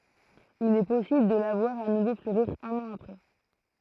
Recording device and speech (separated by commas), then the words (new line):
throat microphone, read sentence
Il est possible de la voir à nouveau fleurir un an après.